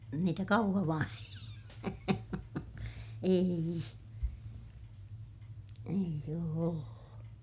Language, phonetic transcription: Finnish, niitä Kauhavan , ee₍i , eij ‿oo ollu .
- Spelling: niitä Kauhavan ei ei ole ollut

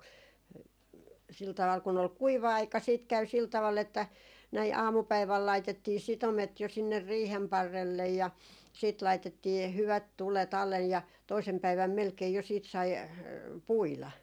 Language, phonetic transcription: Finnish, sil taᵛal kun ‿ol "kuiva 'aika siit 'käy sil taval että , näi "aamupäiväl 'laitettii 'sitomet jo sinner "riihem 'parrellej ja , siit 'laitettii h- hyvät "tulet ‿allej ja 'toisem 'päiväm melkei jo siit sai , "puila .
- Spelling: sillä tavalla kun oli kuiva aika sitten kävi sillä tavalla että näin aamupäivällä laitettiin sitomet jo sinne riihen parrelle ja sitten laitettiin - hyvät tulet alle ja toisena päivänä melkein jo sitten sai puida

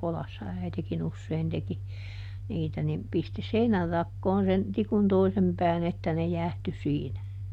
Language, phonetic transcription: Finnish, ˈkolassa ˈäitekiˈn ‿ussein teki , ˈniitä nim , ˈpisti "seinärrakkoon sen , ˈtikun ˈtoisem pään ‿että ne ˈjä̀hty ˈsiinä .
- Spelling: kodassa äitikin usein teki niitä niin pisti seinänrakoon sen tikun toisen pään että ne jäähtyi siinä

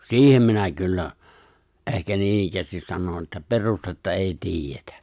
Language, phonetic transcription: Finnish, si̬ihem minä 'kyllä , ’ehkä 'niinikkäästis 'sanon että "perustetta 'èi "tiijetᴀ̈ .
- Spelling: siihen minä kyllä ehkä noinikään sanon että perustetta ei tiedetä

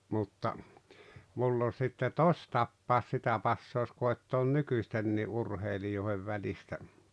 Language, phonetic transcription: Finnish, mutta , 'mull ‿on̬ sitte "tos'tappàos 'sitä passoos 'koi̬ttoon "nykyⁱstennii "urheilijòi̬hev välistä .
- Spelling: mutta minulla on sitten tositapaus sitä passaa koettaa nykyistenkin urheilijoiden välistä

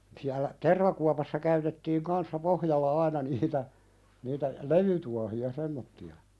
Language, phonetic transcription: Finnish, siällä , "tervakuapassa käytettiiŋ 'kanssa "pohjalla 'aina niitä , niitä , "levytuahi₍a 'semmotti₍a .
- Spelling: siellä tervakuopassa käytettiin kanssa pohjalla aina niitä niitä levytuohia semmoisia

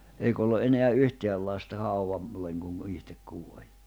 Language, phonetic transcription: Finnish, eik ‿ollu ’eneä 'yhteäl lasta 'hauʷam , -leŋ kuŋ , 'ihtek 'kuoĺ .
- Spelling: eikä ollut enää yhtään lasta - haudalle kun itse kuoli

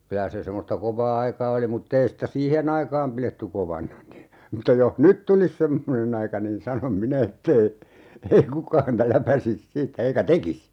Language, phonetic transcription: Finnish, 'kylä se semmosta 'kovaa "aikaa oli mut't ‿ei sⁱtä "siihen ‿aikaam 'piletty 'kovana ni , mutta 'joh "nyt tulis 'semmone'n ‿aika niin 'sanom "minä 'ett ‿ei , ei 'kukaa häntä 'läpäsis "siit(tä) 'eikä "tekis .
- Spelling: kyllä se semmoista kovaa aikaa oli mutta ei sitä siihen aikaan pidetty kovana niin mutta jos nyt tulisi semmoinen aika niin sanon minä että ei ei kukaan häntä läpäisisi siitä eikä tekisi

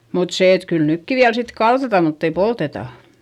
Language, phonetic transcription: Finnish, mut sè et kyl nykki viäl sit kaltata mutt ‿ei poltetà .
- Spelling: mutta se että kyllä nytkin vielä sitten kaltataan mutta ei polteta

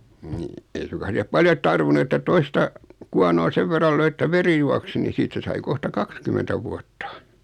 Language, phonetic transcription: Finnish, nii , 'ei suŋkas '(sihep) 'paljot "tarvinu että 'toista , 'kuanoo "sev verral löi ᵉttä 'veri juaksi ni 'siit̀ä sai 'kohta "kakskymentä vuatta .
- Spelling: niin ei suinkaan siihen paljon tarvinnut että toista kuonoon sen verran löi että veri juoksi niin siitä sai kohta kaksikymmentä vuotta

